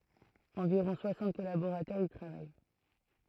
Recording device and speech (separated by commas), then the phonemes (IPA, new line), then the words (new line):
throat microphone, read sentence
ɑ̃viʁɔ̃ swasɑ̃t kɔlaboʁatœʁz i tʁavaj
Environ soixante collaborateurs y travaillent.